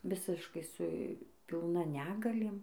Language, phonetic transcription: Lithuanian, ˈvisiškai su pilˈna ˈnegalėm

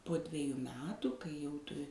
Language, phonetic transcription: Lithuanian, po ˈdveju ˈmetu kai jau ˈtu

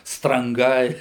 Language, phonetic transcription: Lithuanian, stranˈgai

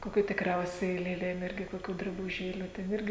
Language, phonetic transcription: Lithuanian, koˈkių tikˈriausiai lėˈlėm ˈirgi koˈkių drabuˈžėlių ˈten ˈirgi

